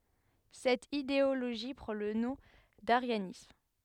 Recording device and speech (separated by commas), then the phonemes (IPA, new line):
headset microphone, read sentence
sɛt ideoloʒi pʁɑ̃ lə nɔ̃ daʁjanism